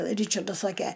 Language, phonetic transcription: Lithuanian, ˈryčardas ˈsake

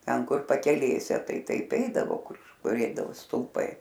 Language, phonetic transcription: Lithuanian, ˈten ˈkur pakeˈlėse ˈtai ˈtaip ˈeidavo ˈkur ˈkur ˈeidavo stulˈpai

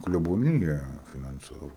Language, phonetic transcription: Lithuanian, kleboˈnyja finanˈcavu

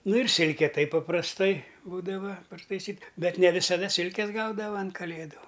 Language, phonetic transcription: Lithuanian, ˈnu ir ˈsilke ˈtaip paprasˈtai ˈbūdava partaiˈsyt ˈbet ne visaˈda ˈsilkes ˈgaudava an kaˈlėdu

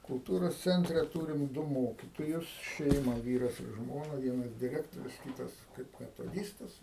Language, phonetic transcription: Lithuanian, kulˈtūros ˈcentre ˈtūrim ˈdu ˈmokitojus ˈšeima ˈvyras ir ˈžmona vieˈnas diˈrektorius ˈkytas kaip metoˈdystas

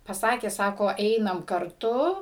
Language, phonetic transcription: Lithuanian, paˈsakė ˈsako ˈeinam karˈtu

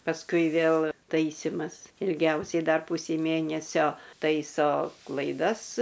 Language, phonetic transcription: Lithuanian, pasˈkui ˈvėl ˈtaisimas ilˈgiausiai dar ˈpusei ˈmėnesio ˈtaiso klaiˈdas

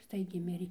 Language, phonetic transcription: Lithuanian, ˈstaigiai ˈmirė

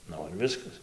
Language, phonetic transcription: Lithuanian, ˈnu ir ˈviskas

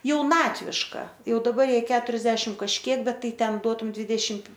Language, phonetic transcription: Lithuanian, jauˈnatviška ˈjau daˈbar ˈjai ˈketuriasdešim kažˈkiek ˈbet ˈtai ˈten ˈduotum ˈdvydešimt

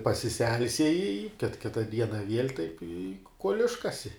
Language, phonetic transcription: Lithuanian, pasiˈselsieji i kit ˈkita ˈdiena viel' taip i kuol' ˈiškasi

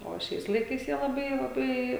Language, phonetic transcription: Lithuanian, o ˈšiais laiˈkais jie laˈbai laˈbai

